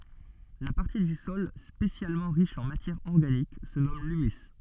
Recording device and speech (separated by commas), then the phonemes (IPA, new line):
soft in-ear microphone, read sentence
la paʁti dy sɔl spesjalmɑ̃ ʁiʃ ɑ̃ matjɛʁ ɔʁɡanik sə nɔm lymys